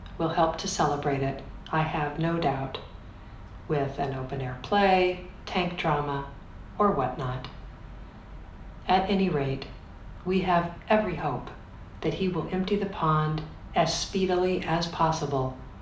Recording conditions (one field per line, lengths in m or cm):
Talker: one person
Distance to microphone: 2.0 m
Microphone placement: close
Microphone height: 99 cm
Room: medium-sized (5.7 m by 4.0 m)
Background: none